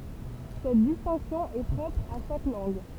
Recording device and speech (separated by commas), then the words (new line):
temple vibration pickup, read sentence
Cette distinction est propre à chaque langue.